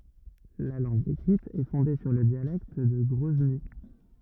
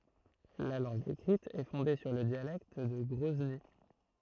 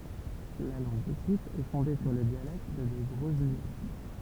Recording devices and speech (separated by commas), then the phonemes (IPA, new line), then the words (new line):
rigid in-ear microphone, throat microphone, temple vibration pickup, read sentence
la lɑ̃ɡ ekʁit ɛ fɔ̃de syʁ lə djalɛkt də ɡʁɔzni
La langue écrite est fondée sur le dialecte de Grozny.